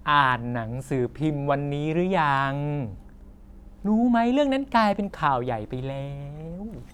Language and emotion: Thai, frustrated